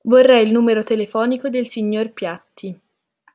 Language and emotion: Italian, neutral